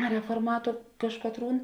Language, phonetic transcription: Lithuanian, reforˈmatu ˈkažkatˌrūn

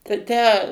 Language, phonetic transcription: Lithuanian, tai ˈtę

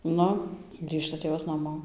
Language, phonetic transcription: Lithuanian, ˈnu ˈgrįžta ˈtėvas naˈmo

